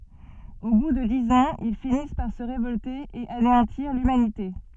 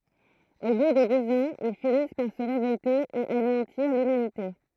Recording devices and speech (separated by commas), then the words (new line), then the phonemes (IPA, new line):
soft in-ear microphone, throat microphone, read sentence
Au bout de dix ans, ils finissent par se révolter et anéantir l'humanité.
o bu də diz ɑ̃z il finis paʁ sə ʁevɔlte e aneɑ̃tiʁ lymanite